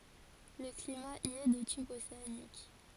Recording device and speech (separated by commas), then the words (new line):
forehead accelerometer, read sentence
Le climat y est de type océanique.